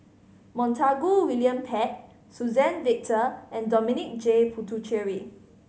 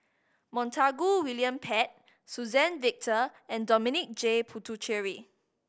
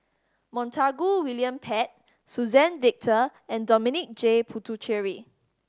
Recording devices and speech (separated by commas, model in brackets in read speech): mobile phone (Samsung C5010), boundary microphone (BM630), standing microphone (AKG C214), read sentence